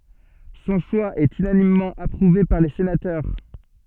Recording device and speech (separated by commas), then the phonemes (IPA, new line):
soft in-ear microphone, read sentence
sɔ̃ ʃwa ɛt ynanimmɑ̃ apʁuve paʁ le senatœʁ